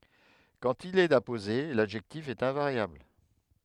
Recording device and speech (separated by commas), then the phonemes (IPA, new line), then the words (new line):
headset microphone, read sentence
kɑ̃t il ɛt apoze ladʒɛktif ɛt ɛ̃vaʁjabl
Quand il est apposé, l'adjectif est invariable.